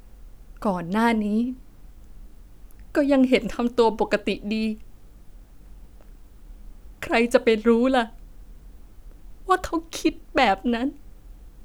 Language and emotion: Thai, sad